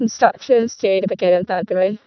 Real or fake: fake